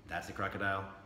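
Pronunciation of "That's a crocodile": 'That's a crocodile' is said with a tone of doubt.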